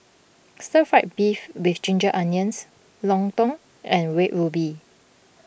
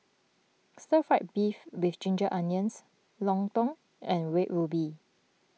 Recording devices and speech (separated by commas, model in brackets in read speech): boundary microphone (BM630), mobile phone (iPhone 6), read sentence